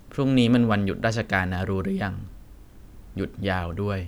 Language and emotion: Thai, neutral